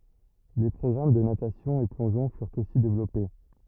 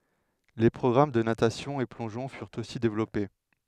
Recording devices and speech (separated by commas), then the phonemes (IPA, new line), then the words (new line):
rigid in-ear microphone, headset microphone, read sentence
le pʁɔɡʁam də natasjɔ̃ e plɔ̃ʒɔ̃ fyʁt osi devlɔpe
Les programmes de natation et plongeon furent aussi développés.